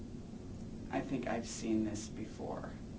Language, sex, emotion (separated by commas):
English, male, neutral